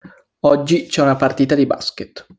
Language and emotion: Italian, neutral